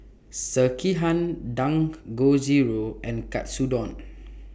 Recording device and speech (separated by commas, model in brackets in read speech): boundary microphone (BM630), read sentence